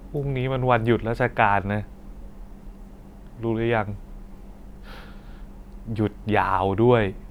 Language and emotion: Thai, frustrated